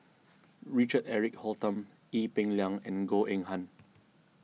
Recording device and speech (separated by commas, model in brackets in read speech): mobile phone (iPhone 6), read sentence